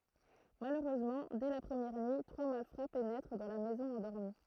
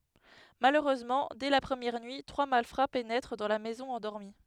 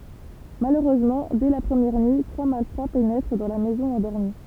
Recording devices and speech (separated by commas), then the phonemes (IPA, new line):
throat microphone, headset microphone, temple vibration pickup, read sentence
maløʁøzmɑ̃ dɛ la pʁəmjɛʁ nyi tʁwa malfʁa penɛtʁ dɑ̃ la mɛzɔ̃ ɑ̃dɔʁmi